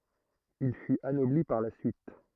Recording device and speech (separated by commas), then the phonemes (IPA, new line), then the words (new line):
throat microphone, read sentence
il fyt anɔbli paʁ la syit
Il fut anobli par la suite...